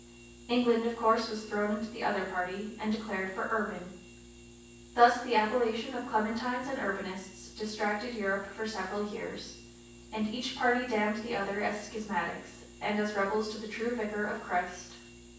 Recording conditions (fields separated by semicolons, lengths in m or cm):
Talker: one person; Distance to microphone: 9.8 m; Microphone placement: far; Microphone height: 1.8 m; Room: large; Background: none